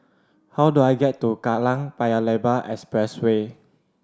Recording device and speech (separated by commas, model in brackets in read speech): standing microphone (AKG C214), read sentence